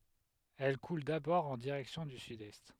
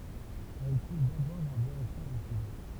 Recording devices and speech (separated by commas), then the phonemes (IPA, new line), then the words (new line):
headset microphone, temple vibration pickup, read sentence
ɛl kul dabɔʁ ɑ̃ diʁɛksjɔ̃ dy sydɛst
Elle coule d'abord en direction du sud-est.